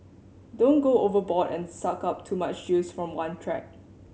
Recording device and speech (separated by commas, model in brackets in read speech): mobile phone (Samsung C7100), read sentence